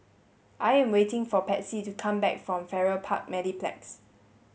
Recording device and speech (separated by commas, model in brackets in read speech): mobile phone (Samsung S8), read sentence